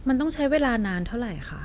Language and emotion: Thai, neutral